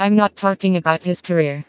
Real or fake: fake